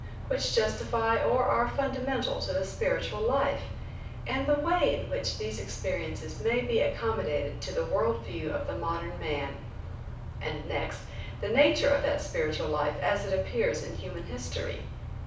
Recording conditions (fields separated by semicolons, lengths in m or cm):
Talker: one person; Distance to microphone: 5.8 m; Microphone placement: far; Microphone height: 1.8 m; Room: medium-sized (5.7 m by 4.0 m); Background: none